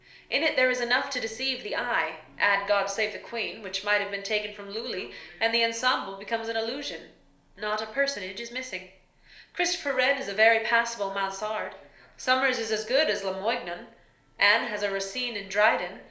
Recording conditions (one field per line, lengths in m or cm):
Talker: one person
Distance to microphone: 1.0 m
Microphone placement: close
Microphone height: 1.1 m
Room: small (3.7 m by 2.7 m)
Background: television